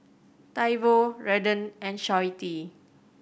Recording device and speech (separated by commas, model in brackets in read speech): boundary microphone (BM630), read sentence